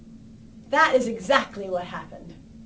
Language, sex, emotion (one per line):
English
female
disgusted